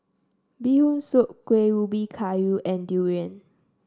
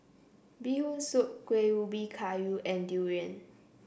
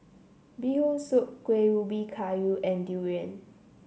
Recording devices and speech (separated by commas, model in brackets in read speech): standing microphone (AKG C214), boundary microphone (BM630), mobile phone (Samsung C7), read sentence